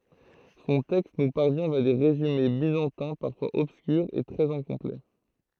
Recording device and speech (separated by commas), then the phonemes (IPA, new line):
throat microphone, read sentence
sɔ̃ tɛkst nu paʁvjɛ̃ vja de ʁezyme bizɑ̃tɛ̃ paʁfwaz ɔbskyʁz e tʁɛz ɛ̃kɔ̃plɛ